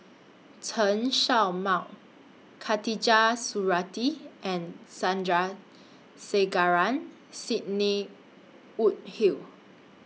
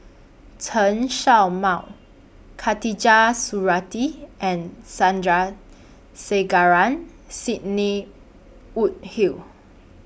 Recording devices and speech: mobile phone (iPhone 6), boundary microphone (BM630), read sentence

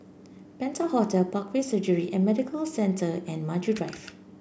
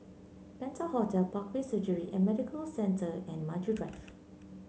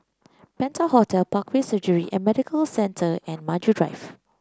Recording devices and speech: boundary microphone (BM630), mobile phone (Samsung C9), close-talking microphone (WH30), read sentence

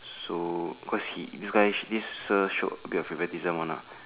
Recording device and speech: telephone, conversation in separate rooms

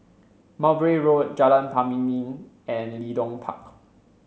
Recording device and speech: mobile phone (Samsung C7), read sentence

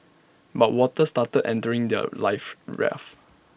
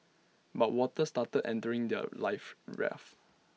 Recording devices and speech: boundary microphone (BM630), mobile phone (iPhone 6), read sentence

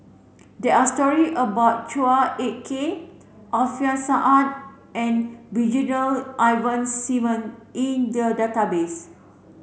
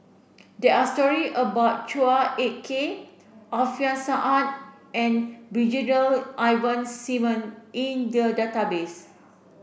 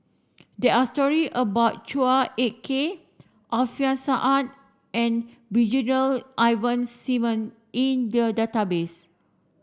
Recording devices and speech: mobile phone (Samsung C7), boundary microphone (BM630), standing microphone (AKG C214), read sentence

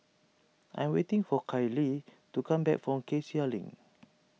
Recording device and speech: mobile phone (iPhone 6), read sentence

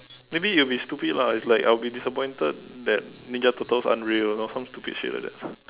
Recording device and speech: telephone, conversation in separate rooms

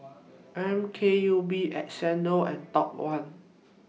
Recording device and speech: mobile phone (iPhone 6), read sentence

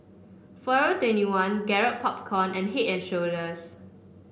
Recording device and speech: boundary microphone (BM630), read sentence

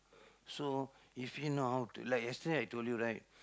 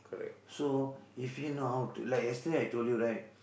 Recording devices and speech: close-talking microphone, boundary microphone, conversation in the same room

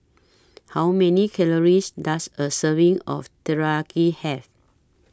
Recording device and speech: standing microphone (AKG C214), read sentence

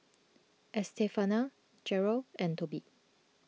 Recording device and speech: mobile phone (iPhone 6), read sentence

